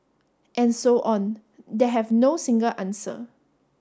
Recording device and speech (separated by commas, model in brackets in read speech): standing microphone (AKG C214), read sentence